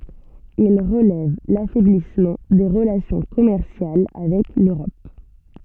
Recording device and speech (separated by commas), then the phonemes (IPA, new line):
soft in-ear microphone, read sentence
il ʁəlɛv lafɛblismɑ̃ de ʁəlasjɔ̃ kɔmɛʁsjal avɛk løʁɔp